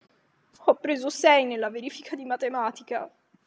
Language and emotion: Italian, sad